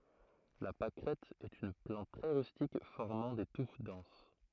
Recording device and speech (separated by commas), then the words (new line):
throat microphone, read sentence
La pâquerette est une plante très rustique formant des touffes denses.